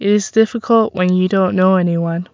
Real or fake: real